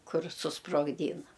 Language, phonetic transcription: Lithuanian, ˈkur susprogˈdyna

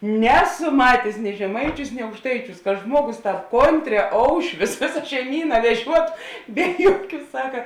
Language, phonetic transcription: Lithuanian, ˈneˌsu ˈmatės ni žeˈmaiˌčiūs ni aukšˈtaiˌčiūs ka ˈžmuoˌgus ˈtāp ˈkonˈtrē ˈoušvius ˈvėsa šeiˈmyna veˈžiuotu ˈbe juoˌkių ˈsaka

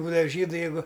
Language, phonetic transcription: Lithuanian, ˈbūdava ˈžydu jeiˈgu

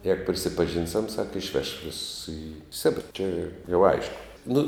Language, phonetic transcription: Lithuanian, ˈjegu prisipaˈžynsiam sak išˈveš vėss i ˈsebira čia jau ˈaišku nu

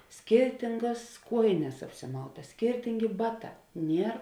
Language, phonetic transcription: Lithuanian, ˈskirtingas ˈkuojines apsiˈmautas ˈskirtingi ˈbaˌtā ˈnier

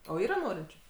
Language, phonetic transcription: Lithuanian, o ˈyra ˈnorinčiu

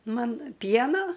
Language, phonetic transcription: Lithuanian, ˈman ˈpieno

